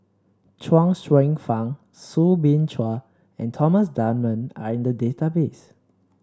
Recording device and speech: standing microphone (AKG C214), read sentence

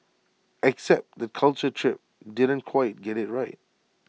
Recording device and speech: mobile phone (iPhone 6), read sentence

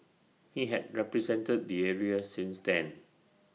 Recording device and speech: mobile phone (iPhone 6), read sentence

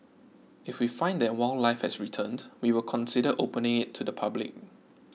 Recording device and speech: mobile phone (iPhone 6), read sentence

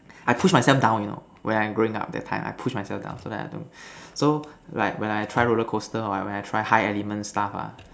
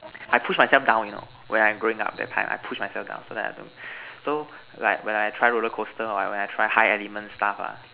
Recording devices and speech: standing microphone, telephone, conversation in separate rooms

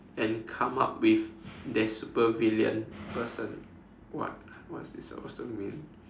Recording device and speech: standing microphone, conversation in separate rooms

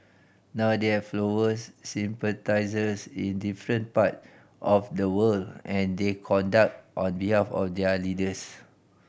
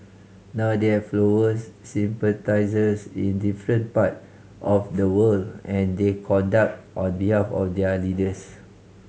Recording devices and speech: boundary microphone (BM630), mobile phone (Samsung C5010), read sentence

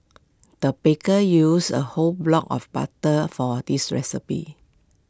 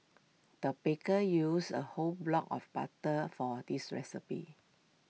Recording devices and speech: close-talking microphone (WH20), mobile phone (iPhone 6), read sentence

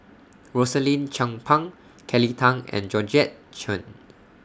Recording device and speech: standing microphone (AKG C214), read sentence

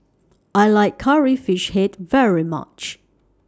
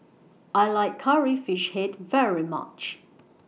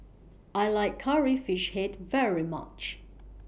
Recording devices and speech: standing microphone (AKG C214), mobile phone (iPhone 6), boundary microphone (BM630), read sentence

